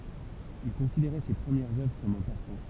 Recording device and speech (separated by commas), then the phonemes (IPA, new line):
temple vibration pickup, read sentence
il kɔ̃sideʁɛ se pʁəmjɛʁz œvʁ kɔm œ̃ pastɑ̃